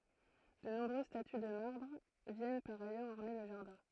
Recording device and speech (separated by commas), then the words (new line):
throat microphone, read sentence
De nombreuses statues de marbre viennent par ailleurs orner le jardin.